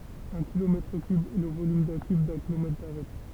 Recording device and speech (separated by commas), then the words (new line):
temple vibration pickup, read sentence
Un kilomètre cube est le volume d'un cube d'un kilomètre d'arête.